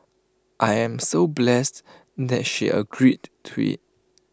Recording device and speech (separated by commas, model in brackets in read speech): close-talking microphone (WH20), read sentence